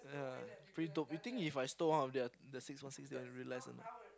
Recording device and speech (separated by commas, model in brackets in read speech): close-talking microphone, conversation in the same room